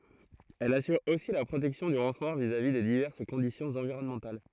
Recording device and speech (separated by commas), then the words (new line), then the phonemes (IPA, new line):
throat microphone, read sentence
Elle assure aussi la protection du renfort vis-à-vis des diverses conditions environnementales.
ɛl asyʁ osi la pʁotɛksjɔ̃ dy ʁɑ̃fɔʁ vizavi de divɛʁs kɔ̃disjɔ̃z ɑ̃viʁɔnmɑ̃tal